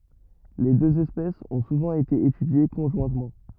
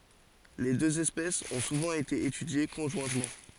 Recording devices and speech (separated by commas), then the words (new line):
rigid in-ear microphone, forehead accelerometer, read sentence
Les deux espèces ont souvent été étudiées conjointement.